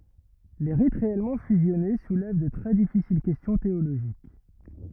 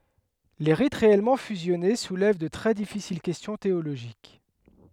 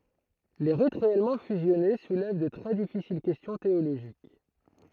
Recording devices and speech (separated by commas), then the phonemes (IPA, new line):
rigid in-ear microphone, headset microphone, throat microphone, read sentence
le ʁit ʁeɛlmɑ̃ fyzjɔne sulɛv də tʁɛ difisil kɛstjɔ̃ teoloʒik